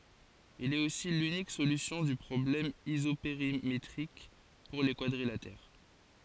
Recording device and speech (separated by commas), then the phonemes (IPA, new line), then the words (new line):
forehead accelerometer, read sentence
il ɛt osi lynik solysjɔ̃ dy pʁɔblɛm izopeʁimetʁik puʁ le kwadʁilatɛʁ
Il est aussi l'unique solution du problème isopérimétrique pour les quadrilatères.